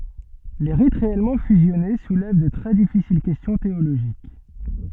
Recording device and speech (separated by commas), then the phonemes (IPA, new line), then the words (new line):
soft in-ear microphone, read sentence
le ʁit ʁeɛlmɑ̃ fyzjɔne sulɛv də tʁɛ difisil kɛstjɔ̃ teoloʒik
Les rites réellement fusionnés soulèvent de très difficiles questions théologiques.